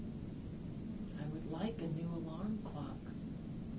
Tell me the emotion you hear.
neutral